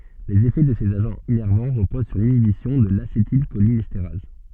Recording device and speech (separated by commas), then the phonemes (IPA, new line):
soft in-ear microphone, read sentence
lez efɛ də sez aʒɑ̃z inɛʁvɑ̃ ʁəpoz syʁ linibisjɔ̃ də lasetilʃolinɛsteʁaz